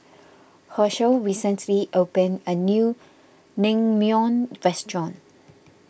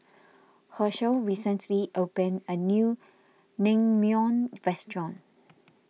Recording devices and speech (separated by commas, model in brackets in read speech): boundary microphone (BM630), mobile phone (iPhone 6), read sentence